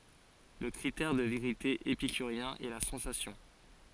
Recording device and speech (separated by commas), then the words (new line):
forehead accelerometer, read sentence
Le critère de vérité épicurien est la sensation.